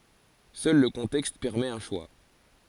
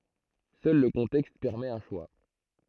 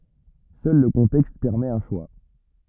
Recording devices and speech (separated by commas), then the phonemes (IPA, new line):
forehead accelerometer, throat microphone, rigid in-ear microphone, read sentence
sœl lə kɔ̃tɛkst pɛʁmɛt œ̃ ʃwa